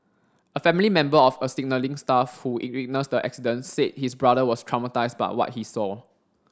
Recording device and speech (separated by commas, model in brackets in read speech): standing microphone (AKG C214), read sentence